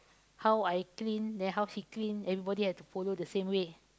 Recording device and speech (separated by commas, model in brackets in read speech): close-talking microphone, conversation in the same room